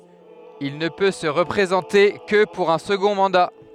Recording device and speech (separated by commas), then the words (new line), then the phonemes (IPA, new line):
headset microphone, read sentence
Il ne peut se représenter que pour un second mandat.
il nə pø sə ʁəpʁezɑ̃te kə puʁ œ̃ səɡɔ̃ mɑ̃da